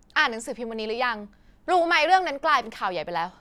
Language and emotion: Thai, angry